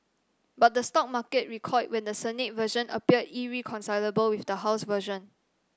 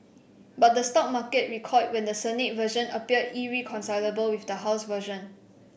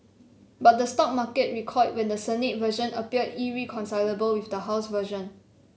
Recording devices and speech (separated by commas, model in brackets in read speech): standing microphone (AKG C214), boundary microphone (BM630), mobile phone (Samsung C7), read sentence